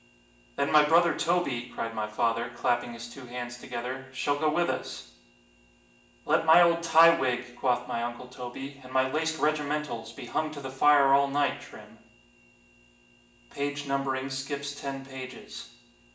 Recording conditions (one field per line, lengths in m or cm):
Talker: one person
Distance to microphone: 1.8 m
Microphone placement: close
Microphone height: 1.0 m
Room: large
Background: none